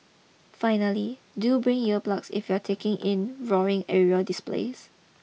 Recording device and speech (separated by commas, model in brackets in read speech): mobile phone (iPhone 6), read sentence